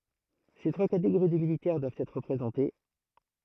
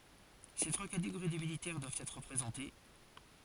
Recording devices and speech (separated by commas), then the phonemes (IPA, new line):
throat microphone, forehead accelerometer, read sentence
se tʁwa kateɡoʁi də militɛʁ dwavt ɛtʁ ʁəpʁezɑ̃te